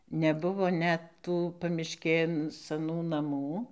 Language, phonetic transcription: Lithuanian, neˈbuvo ˈnet ˈtų pamišˈkėn saˈnų naˈmų

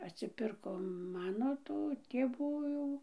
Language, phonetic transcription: Lithuanian, atsiˈpirko ˈmano tu tėˈvų jau

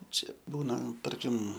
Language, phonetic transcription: Lithuanian, ˈčia ˈbūna ˈtarkim

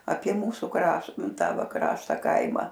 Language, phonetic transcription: Lithuanian, apie ˈmūsu ˈkraš ˈnu ˈtą ˈva ˈkrašta ˈkaima

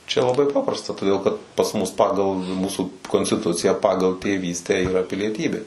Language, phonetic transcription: Lithuanian, čia laˈbai ˈpaprasta toˈdėl kad pas ˈmus ˈpagal ˈmūsu konstiˈtuciją ˈpagal tėˈvystę iˈra pilieˈtybė

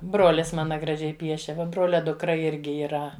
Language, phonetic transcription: Lithuanian, ˈbrolis ˈmana graˈžiai ˈpiešė ˈva ˈbrolia dukˈra ˈirgi yˈra

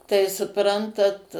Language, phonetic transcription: Lithuanian, tai suˈprantat

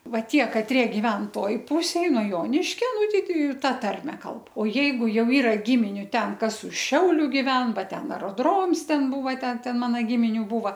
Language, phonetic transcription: Lithuanian, ˈva ˈtie kaˈtrie giˈven ˈtoj ˈpusėj nuo ˈjoniškio ˈnu ˈtei ˈtei ˈta ˈtarme ˈkalb o ˈjeigu ˈjau ˈyra ˈgiminiu ˈten ˈkas už ˈšiauliu giˈven ˈba ˈten aroˈdroms ˈten ˈbūva ˈten ˈten ˈmana ˈgiminiu ˈbūva

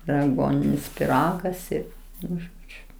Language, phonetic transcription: Lithuanian, ir aˈguoninis piˈragas ir ˈnu ˈžodžiu

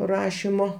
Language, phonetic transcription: Lithuanian, ˈrašimo

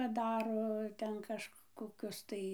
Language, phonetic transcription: Lithuanian, paˈdaro ˈten kažkkoˈkius tai

